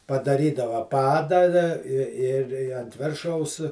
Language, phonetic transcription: Lithuanian, padaˈrydava ˈpadą da i ir i ant ˈviršaus

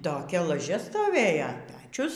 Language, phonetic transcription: Lithuanian, toˈkia laˈžia stoˈvėjo ˈpečius

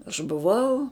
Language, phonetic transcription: Lithuanian, aš buˈvau

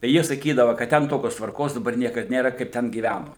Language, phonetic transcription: Lithuanian, tai ˈjie saˈkydava kad ˈten ˈtokios tvarˈkos daˈbar ˈniekad ˈnėra kaip ˈten gyˈvænu

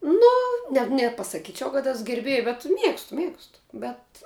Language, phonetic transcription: Lithuanian, ˈnu ne nepasaˈkyčiau kad ˈes gerˈbėj bet ˈmiegstu ˈmiegstu bet

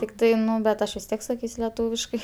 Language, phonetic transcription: Lithuanian, tikˈtai ˈnu bet ˈaš vis ˈtiek saˈkys' leˈtūviškai

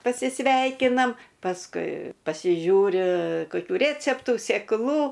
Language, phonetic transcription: Lithuanian, pasiˈsveikinam pasˈkui pasiˈžiūri koˈkių ˈrėceptų sėkˈlų

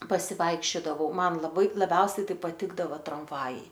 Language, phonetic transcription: Lithuanian, pasiˈvaikščiodavau ˈman laˈbai laˈbiausiai ˈtai paˈtikdava tramˈvajai

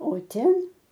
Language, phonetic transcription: Lithuanian, o ˈten

